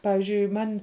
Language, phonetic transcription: Lithuanian, ˈpavizdžiui ˈman'

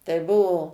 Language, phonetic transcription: Lithuanian, tai ˈbuo

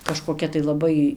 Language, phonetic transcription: Lithuanian, kažkoˈkia tai laˈbai

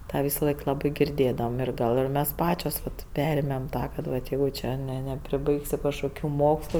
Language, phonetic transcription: Lithuanian, ˈtą ˈvisaˌlaik ˈlabai girˈdėdavom ˈir ˈgal ir mes ˈpačios vat ˈperėmėm ˈtą kad ˈvat ˈjeigu ˈčia ˈne nepriˈbaigsi kažkoˈkių ˈmokslu

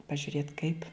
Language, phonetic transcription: Lithuanian, pažiuˈrėt kaip

